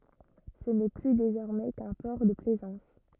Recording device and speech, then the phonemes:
rigid in-ear microphone, read sentence
sə nɛ ply dezɔʁmɛ kœ̃ pɔʁ də plɛzɑ̃s

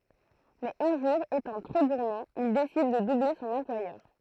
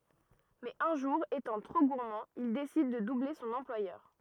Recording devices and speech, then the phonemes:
throat microphone, rigid in-ear microphone, read sentence
mɛz œ̃ ʒuʁ etɑ̃ tʁo ɡuʁmɑ̃ il desid də duble sɔ̃n ɑ̃plwajœʁ

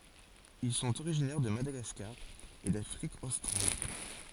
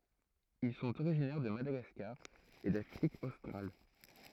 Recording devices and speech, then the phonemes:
forehead accelerometer, throat microphone, read sentence
il sɔ̃t oʁiʒinɛʁ də madaɡaskaʁ e dafʁik ostʁal

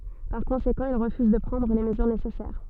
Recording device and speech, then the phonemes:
soft in-ear microphone, read sentence
paʁ kɔ̃sekɑ̃ il ʁəfyz də pʁɑ̃dʁ le məzyʁ nesɛsɛʁ

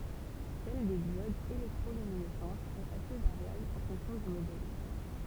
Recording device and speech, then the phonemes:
temple vibration pickup, read sentence
sɛl de djodz elɛktʁolyminɛsɑ̃tz ɛt ase vaʁjabl ɑ̃ fɔ̃ksjɔ̃ dy modɛl

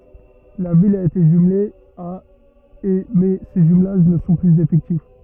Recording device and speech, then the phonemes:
rigid in-ear microphone, read sentence
la vil a ete ʒymle a e mɛ se ʒymlaʒ nə sɔ̃ plyz efɛktif

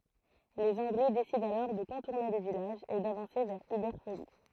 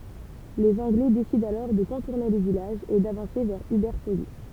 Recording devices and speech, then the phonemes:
throat microphone, temple vibration pickup, read sentence
lez ɑ̃ɡlɛ desidɑ̃ alɔʁ də kɔ̃tuʁne lə vilaʒ e davɑ̃se vɛʁ ybɛʁ foli

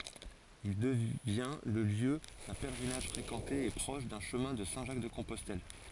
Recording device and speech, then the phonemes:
forehead accelerometer, read sentence
il dəvjɛ̃ lə ljø dœ̃ pɛlʁinaʒ fʁekɑ̃te e pʁɔʃ dœ̃ ʃəmɛ̃ də sɛ̃ ʒak də kɔ̃pɔstɛl

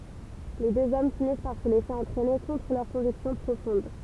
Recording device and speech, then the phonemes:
temple vibration pickup, read sentence
le døz ɔm finis paʁ sə lɛse ɑ̃tʁɛne kɔ̃tʁ lœʁ kɔ̃viksjɔ̃ pʁofɔ̃d

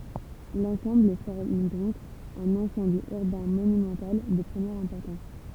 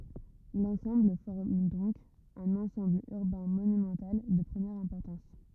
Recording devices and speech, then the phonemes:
temple vibration pickup, rigid in-ear microphone, read sentence
lɑ̃sɑ̃bl fɔʁm dɔ̃k œ̃n ɑ̃sɑ̃bl yʁbɛ̃ monymɑ̃tal də pʁəmjɛʁ ɛ̃pɔʁtɑ̃s

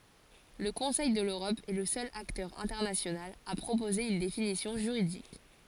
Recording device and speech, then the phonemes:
forehead accelerometer, read sentence
lə kɔ̃sɛj də løʁɔp ɛ lə sœl aktœʁ ɛ̃tɛʁnasjonal a pʁopoze yn definisjɔ̃ ʒyʁidik

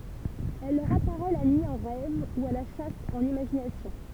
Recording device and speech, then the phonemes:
temple vibration pickup, read sentence
ɛl lœʁ apaʁɛ la nyi ɑ̃ ʁɛv u a la ʃas ɑ̃n imaʒinasjɔ̃

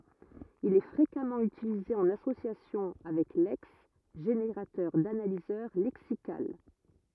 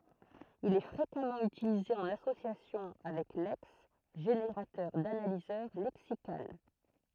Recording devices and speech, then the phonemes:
rigid in-ear microphone, throat microphone, read sentence
il ɛ fʁekamɑ̃ ytilize ɑ̃n asosjasjɔ̃ avɛk lɛks ʒeneʁatœʁ danalizœʁ lɛksikal

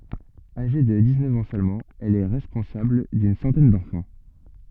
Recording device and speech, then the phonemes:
soft in-ear microphone, read sentence
aʒe də diksnœf ɑ̃ sølmɑ̃ ɛl ɛ ʁɛspɔ̃sabl dyn sɑ̃tɛn dɑ̃fɑ̃

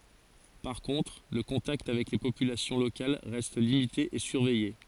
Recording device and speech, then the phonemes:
forehead accelerometer, read sentence
paʁ kɔ̃tʁ lə kɔ̃takt avɛk le popylasjɔ̃ lokal ʁɛst limite e syʁvɛje

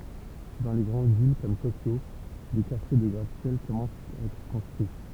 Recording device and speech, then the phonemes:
temple vibration pickup, read sentence
dɑ̃ le ɡʁɑ̃d vil kɔm tokjo de kaʁtje də ɡʁat sjɛl kɔmɑ̃st a ɛtʁ kɔ̃stʁyi

